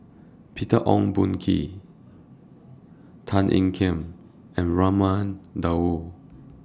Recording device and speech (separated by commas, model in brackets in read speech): standing microphone (AKG C214), read sentence